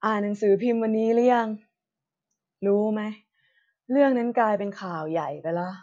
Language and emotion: Thai, frustrated